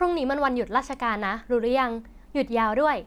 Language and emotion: Thai, neutral